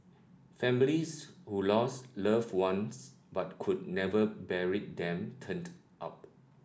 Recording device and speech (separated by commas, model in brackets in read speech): standing microphone (AKG C214), read sentence